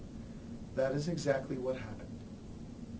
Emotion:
neutral